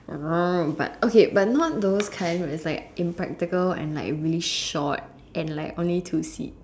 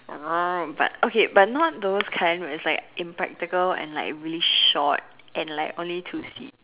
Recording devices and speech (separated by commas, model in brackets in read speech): standing microphone, telephone, conversation in separate rooms